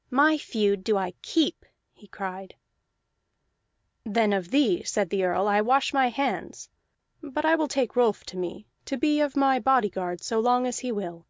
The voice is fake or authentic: authentic